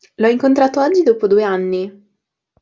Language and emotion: Italian, neutral